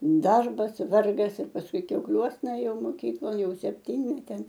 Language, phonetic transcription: Lithuanian, ˈdarbas ˈvargas ir pasˈkui kiaukˈliuosna ˈėjau moˈkyklon jau sepˈtynmetėn

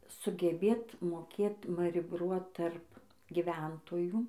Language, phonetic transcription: Lithuanian, sugeˈbėt moˈkėt marˈibruot tarp giˈventojų

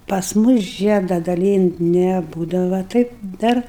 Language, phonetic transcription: Lithuanian, pas ˈmus ˈžieda daˈlynt' neˈbūdava ˈtaip ˈdar

